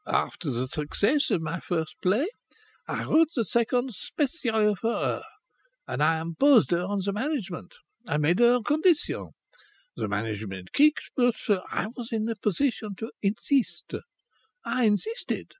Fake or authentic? authentic